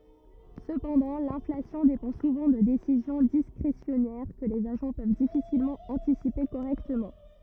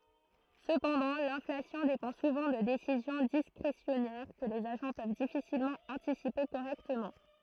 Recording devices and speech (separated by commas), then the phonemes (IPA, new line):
rigid in-ear microphone, throat microphone, read sentence
səpɑ̃dɑ̃ lɛ̃flasjɔ̃ depɑ̃ suvɑ̃ də desizjɔ̃ diskʁesjɔnɛʁ kə lez aʒɑ̃ pøv difisilmɑ̃ ɑ̃tisipe koʁɛktəmɑ̃